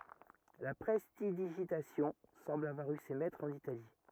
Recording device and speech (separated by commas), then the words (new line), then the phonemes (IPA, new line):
rigid in-ear microphone, read sentence
La prestidigitation semble avoir eu ses maîtres en Italie.
la pʁɛstidiʒitasjɔ̃ sɑ̃bl avwaʁ y se mɛtʁz ɑ̃n itali